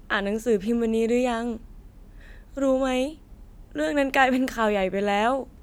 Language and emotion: Thai, sad